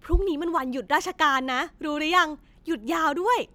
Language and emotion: Thai, happy